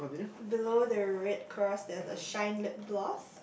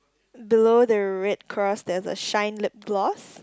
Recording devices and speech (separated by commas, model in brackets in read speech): boundary microphone, close-talking microphone, conversation in the same room